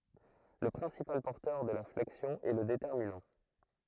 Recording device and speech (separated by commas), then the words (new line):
throat microphone, read sentence
Le principal porteur de la flexion est le déterminant.